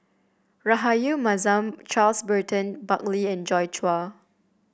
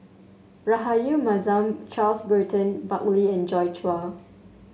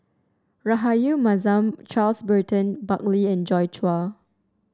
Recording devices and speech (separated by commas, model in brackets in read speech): boundary microphone (BM630), mobile phone (Samsung S8), standing microphone (AKG C214), read sentence